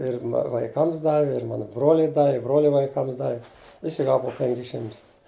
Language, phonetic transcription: Lithuanian, ˈir vaiˈkams ˈdavi ir ˈmanu ˈbroliui ˈdavi i ˈbrolia vaiˈkams ˈdavi ˈvisi ˈgava pu ˈpenkis ˈšimtus

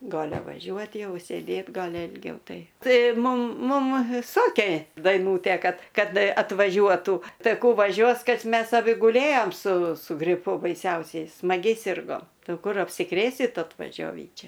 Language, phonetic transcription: Lithuanian, ˈgalia vaˈžiuot' ˈjau sėˈdėt ˈgali ilˈgiau ˈtai ˈtai ˈmum ˈmum ˈsokė daiˈnūtė ˈkad ˈkad atvaˈžiuotų ˈtai ˈkų vaˈžiuos ˈkad ˈmes aˈbi guˈlėjom su su griˈpu baiˈsiausiai smaˈgiai ˈsirgom ˈtai ˈau ˈkur apsiˈkrėsit atvaˈžiovį ˈčia

